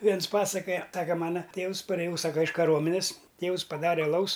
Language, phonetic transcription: Lithuanian, ˈviens ˈpasakoja ˈsaka ˈmana ˈtėvus parėˈjau ˈsaka iš kaˈruomenes ˈtėus paˈdare aˈlaus

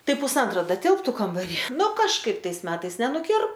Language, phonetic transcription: Lithuanian, ˈtai pusˈantro ˈda ˈtilptu kambaˈry ˈnu kažˈkaip ˈtais ˈmetais nenuˈkir

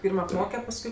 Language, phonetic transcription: Lithuanian, ˈpyrm apˈmoke pasˈkui

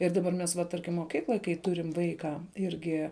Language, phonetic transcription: Lithuanian, ir ˈdaˌbar ˈmes va ˈtarkim moˈkykloj kai ˈturim ˈvaika ˈirgi

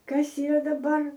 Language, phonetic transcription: Lithuanian, ˈkas yˈra daˈbar

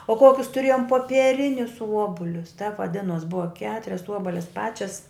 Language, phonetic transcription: Lithuanian, o ˈkokius tuˈrėjom popieˈrinius ˈuobulius tep vaˈdinos ˈbuva ˈketurias ˈuobalis ˈpačias

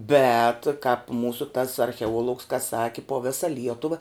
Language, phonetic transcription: Lithuanian, bet kāp ˈmūsu tas archeˈuolugs ka ˈsaki po ˈvisa ˈlietuva

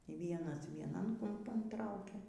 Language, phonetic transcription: Lithuanian, y ˈvienas vieˈnan kumˈpan ˈtraukia

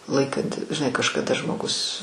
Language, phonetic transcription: Lithuanian, ˈlaikanti žiˈnai kažkaˈda žmoˈgus

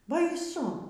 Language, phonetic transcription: Lithuanian, baiˈsu

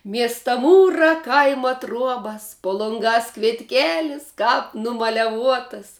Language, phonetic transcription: Lithuanian, ˈmiesta ˈmūrā ˈkaima ˈtruobas po lonˈgās kvietˈkėlis ˈkāp numaleˈvuotas

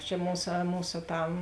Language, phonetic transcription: Lithuanian, čia ˈmūsa ˈmūsa ˈtam

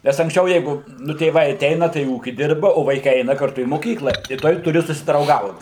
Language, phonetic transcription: Lithuanian, nes anksˈčiau ˈjeigu nu tėˈvai aˈteina tai ˈūki ˈdirba o vaiˈkai ˈeina karˈtu į moˈkykla i ˈtuoj tuˈri susidrauˈgaut

